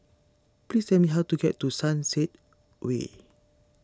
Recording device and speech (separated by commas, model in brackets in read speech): standing microphone (AKG C214), read sentence